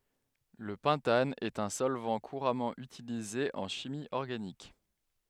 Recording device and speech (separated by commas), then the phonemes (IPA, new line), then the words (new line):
headset microphone, read sentence
lə pɑ̃tan ɛt œ̃ sɔlvɑ̃ kuʁamɑ̃ ytilize ɑ̃ ʃimi ɔʁɡanik
Le pentane est un solvant couramment utilisé en chimie organique.